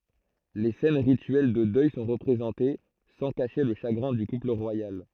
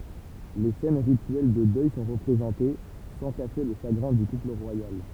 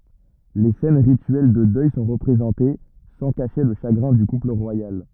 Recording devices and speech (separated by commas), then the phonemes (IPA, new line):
throat microphone, temple vibration pickup, rigid in-ear microphone, read sentence
le sɛn ʁityɛl də dœj sɔ̃ ʁəpʁezɑ̃te sɑ̃ kaʃe lə ʃaɡʁɛ̃ dy kupl ʁwajal